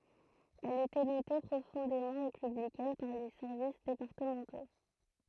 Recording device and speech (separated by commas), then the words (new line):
throat microphone, read sentence
Elle était notée profondément républicaine par les services départementaux.